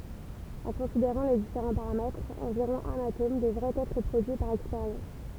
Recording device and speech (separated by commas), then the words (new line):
temple vibration pickup, read sentence
En considérant les différents paramètres, environ un atome devrait être produit par expérience.